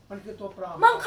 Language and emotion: Thai, neutral